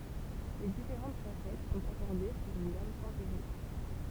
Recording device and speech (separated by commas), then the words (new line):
temple vibration pickup, read sentence
Les différentes facettes sont accordées sur une gamme tempérée.